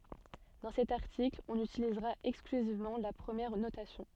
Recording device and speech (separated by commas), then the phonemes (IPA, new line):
soft in-ear microphone, read sentence
dɑ̃ sɛt aʁtikl ɔ̃n ytilizʁa ɛksklyzivmɑ̃ la pʁəmjɛʁ notasjɔ̃